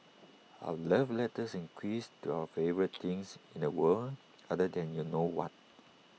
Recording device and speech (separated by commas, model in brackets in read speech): mobile phone (iPhone 6), read sentence